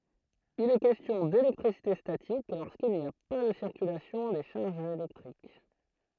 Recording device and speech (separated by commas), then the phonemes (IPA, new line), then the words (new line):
throat microphone, read sentence
il ɛ kɛstjɔ̃ delɛktʁisite statik loʁskil ni a pa də siʁkylasjɔ̃ de ʃaʁʒz elɛktʁik
Il est question d'électricité statique lorsqu'il n'y a pas de circulation des charges électriques.